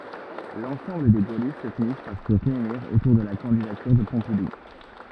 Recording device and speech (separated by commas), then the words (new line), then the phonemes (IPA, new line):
rigid in-ear microphone, read sentence
L'ensemble des gaullistes finissent par se réunir autour de la candidature de Pompidou.
lɑ̃sɑ̃bl de ɡolist finis paʁ sə ʁeyniʁ otuʁ də la kɑ̃didatyʁ də pɔ̃pidu